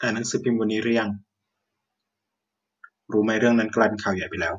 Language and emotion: Thai, neutral